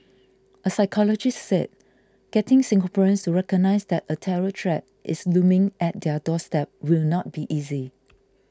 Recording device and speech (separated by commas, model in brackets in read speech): close-talking microphone (WH20), read sentence